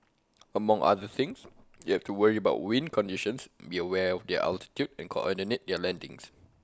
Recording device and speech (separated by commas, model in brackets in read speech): close-talking microphone (WH20), read sentence